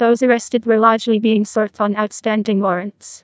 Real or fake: fake